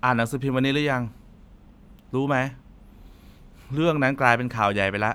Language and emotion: Thai, frustrated